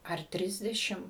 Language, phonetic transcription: Lithuanian, ar ˈtrisdešim

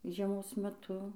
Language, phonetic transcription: Lithuanian, žieˈmos meˈtu

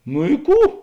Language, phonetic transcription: Lithuanian, nu i ˈkų

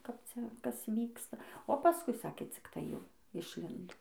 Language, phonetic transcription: Lithuanian, kap ˈcia ˈkas ˈvyksta o paˈskui ˈsakė ˈcik tai ˈjau išˈlindo

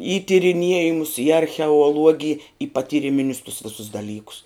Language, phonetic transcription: Lithuanian, į tiriˈniejimus į archeuoˈluogij į patyriˈminius tus ˈvisus daˈlykus

